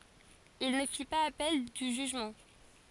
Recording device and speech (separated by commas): forehead accelerometer, read sentence